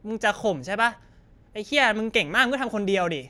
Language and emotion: Thai, angry